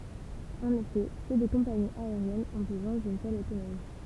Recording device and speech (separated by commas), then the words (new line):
temple vibration pickup, read sentence
En effet, peu de compagnies aériennes ont besoin d'une telle autonomie.